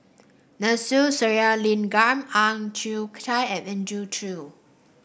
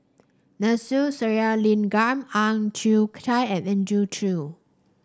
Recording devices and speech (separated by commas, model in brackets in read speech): boundary microphone (BM630), standing microphone (AKG C214), read sentence